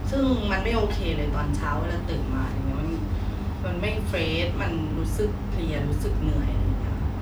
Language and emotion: Thai, frustrated